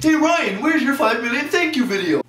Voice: gawky voice